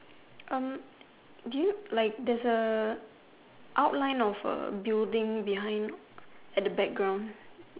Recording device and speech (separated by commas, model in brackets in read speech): telephone, conversation in separate rooms